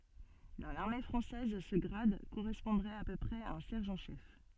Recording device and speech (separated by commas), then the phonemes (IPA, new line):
soft in-ear microphone, read sentence
dɑ̃ laʁme fʁɑ̃sɛz sə ɡʁad koʁɛspɔ̃dʁɛt a pø pʁɛz a œ̃ sɛʁʒɑ̃ ʃɛf